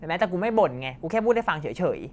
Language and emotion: Thai, frustrated